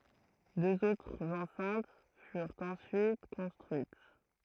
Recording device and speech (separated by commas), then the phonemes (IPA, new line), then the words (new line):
throat microphone, read sentence
døz otʁz ɑ̃sɛ̃t fyʁt ɑ̃syit kɔ̃stʁyit
Deux autres enceintes furent ensuite construites.